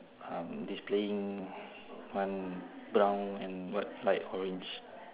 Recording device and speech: telephone, conversation in separate rooms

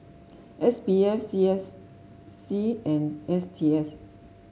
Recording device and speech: mobile phone (Samsung S8), read sentence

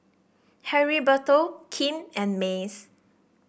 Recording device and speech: boundary microphone (BM630), read sentence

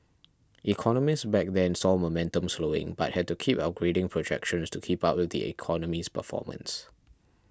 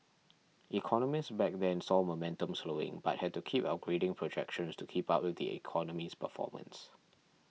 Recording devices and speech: standing microphone (AKG C214), mobile phone (iPhone 6), read sentence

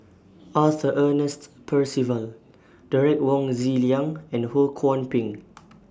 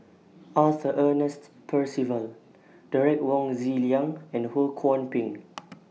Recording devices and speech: standing microphone (AKG C214), mobile phone (iPhone 6), read sentence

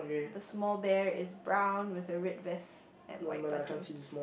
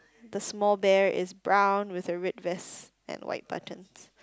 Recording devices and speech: boundary microphone, close-talking microphone, conversation in the same room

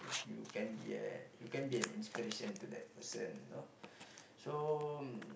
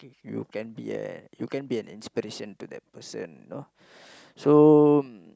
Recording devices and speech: boundary microphone, close-talking microphone, conversation in the same room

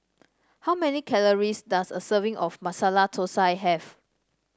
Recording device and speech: standing microphone (AKG C214), read sentence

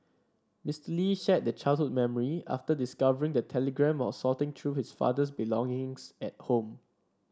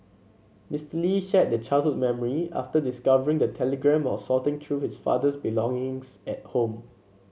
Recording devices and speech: standing microphone (AKG C214), mobile phone (Samsung C7), read sentence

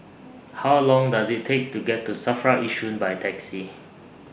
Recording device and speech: boundary microphone (BM630), read sentence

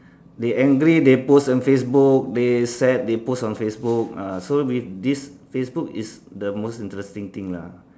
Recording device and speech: standing microphone, conversation in separate rooms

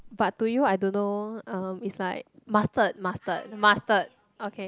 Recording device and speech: close-talking microphone, conversation in the same room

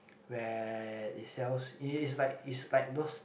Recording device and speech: boundary microphone, conversation in the same room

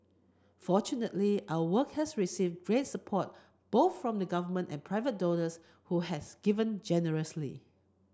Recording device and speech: close-talking microphone (WH30), read sentence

